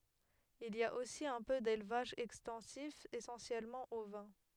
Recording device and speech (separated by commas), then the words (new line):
headset microphone, read sentence
Il y a aussi un peu d'élevage extensif essentiellement ovin.